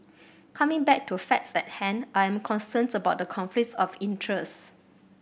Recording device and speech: boundary microphone (BM630), read sentence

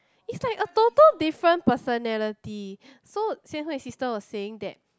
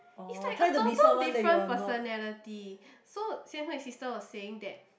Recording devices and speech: close-talking microphone, boundary microphone, conversation in the same room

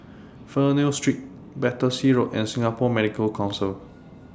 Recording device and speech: standing microphone (AKG C214), read sentence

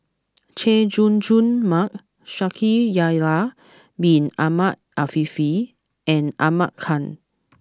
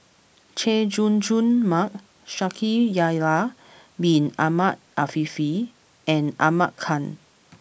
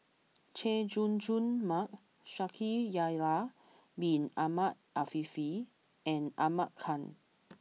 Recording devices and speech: close-talking microphone (WH20), boundary microphone (BM630), mobile phone (iPhone 6), read sentence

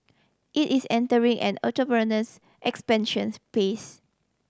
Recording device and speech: standing microphone (AKG C214), read sentence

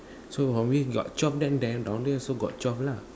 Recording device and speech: standing microphone, conversation in separate rooms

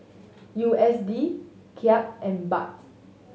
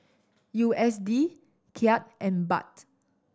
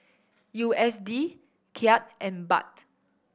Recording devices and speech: mobile phone (Samsung S8), standing microphone (AKG C214), boundary microphone (BM630), read sentence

